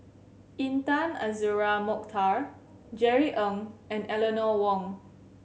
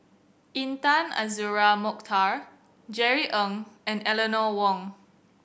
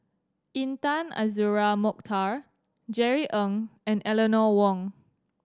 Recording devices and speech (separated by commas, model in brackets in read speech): mobile phone (Samsung C7100), boundary microphone (BM630), standing microphone (AKG C214), read sentence